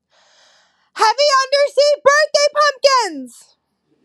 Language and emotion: English, fearful